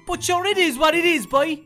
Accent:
Cork accent